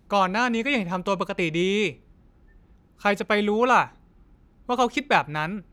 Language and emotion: Thai, frustrated